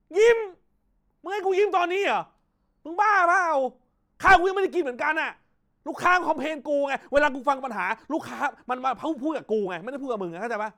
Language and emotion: Thai, angry